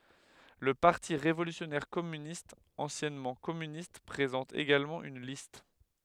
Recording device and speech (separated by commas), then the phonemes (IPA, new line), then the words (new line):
headset microphone, read sentence
lə paʁti ʁevolysjɔnɛʁ kɔmynistz ɑ̃sjɛnmɑ̃ kɔmynist pʁezɑ̃t eɡalmɑ̃ yn list
Le Parti révolutionnaire Communistes, anciennement Communistes, présente également une liste.